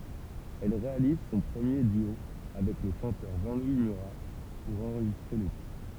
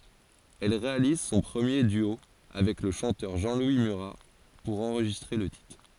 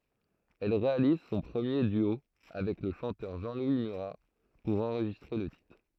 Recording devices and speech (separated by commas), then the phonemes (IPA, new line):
temple vibration pickup, forehead accelerometer, throat microphone, read sentence
ɛl ʁealiz sɔ̃ pʁəmje dyo avɛk lə ʃɑ̃tœʁ ʒɑ̃lwi myʁa puʁ ɑ̃ʁʒistʁe lə titʁ